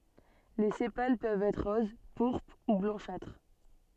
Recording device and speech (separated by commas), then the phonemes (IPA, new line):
soft in-ear microphone, read sentence
le sepal pøvt ɛtʁ ʁoz puʁpʁ u blɑ̃ʃatʁ